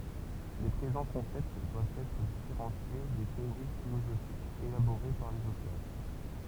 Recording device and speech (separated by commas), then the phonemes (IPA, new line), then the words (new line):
temple vibration pickup, read sentence
le pʁezɑ̃ kɔ̃sɛpt dwavt ɛtʁ difeʁɑ̃sje de teoʁi filozofikz elaboʁe paʁ lez otœʁ
Les présents concepts doivent être différenciés des théories philosophiques élaborées par les auteurs.